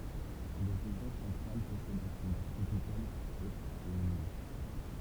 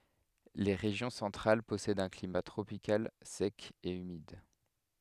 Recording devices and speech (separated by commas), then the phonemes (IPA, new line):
temple vibration pickup, headset microphone, read sentence
le ʁeʒjɔ̃ sɑ̃tʁal pɔsɛdt œ̃ klima tʁopikal sɛk e ymid